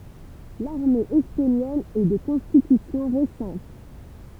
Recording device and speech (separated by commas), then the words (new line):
temple vibration pickup, read sentence
L'armée estonienne est de constitution récente.